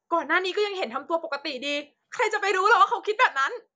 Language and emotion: Thai, angry